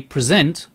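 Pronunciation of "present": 'Present' is said as the verb, with the stress on the second syllable.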